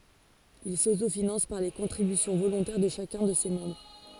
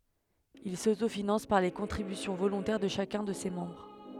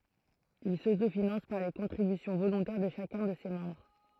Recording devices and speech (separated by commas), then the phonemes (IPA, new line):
forehead accelerometer, headset microphone, throat microphone, read sentence
il sotofinɑ̃s paʁ le kɔ̃tʁibysjɔ̃ volɔ̃tɛʁ də ʃakœ̃ də se mɑ̃bʁ